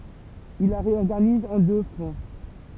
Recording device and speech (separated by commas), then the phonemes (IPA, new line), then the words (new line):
temple vibration pickup, read sentence
il la ʁeɔʁɡaniz ɑ̃ dø fʁɔ̃
Il la réorganise en deux fronts.